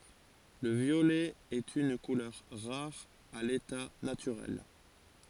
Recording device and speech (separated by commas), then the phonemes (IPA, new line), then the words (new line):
forehead accelerometer, read sentence
lə vjolɛ ɛt yn kulœʁ ʁaʁ a leta natyʁɛl
Le violet est une couleur rare à l'état naturel.